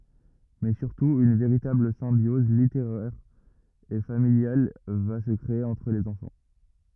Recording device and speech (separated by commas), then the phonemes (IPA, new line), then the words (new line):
rigid in-ear microphone, read sentence
mɛ syʁtu yn veʁitabl sɛ̃bjɔz liteʁɛʁ e familjal va sə kʁee ɑ̃tʁ lez ɑ̃fɑ̃
Mais surtout, une véritable symbiose littéraire et familiale va se créer entre les enfants.